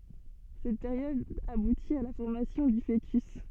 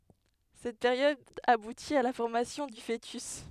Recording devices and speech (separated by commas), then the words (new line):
soft in-ear microphone, headset microphone, read sentence
Cette période aboutit à la formation du fœtus.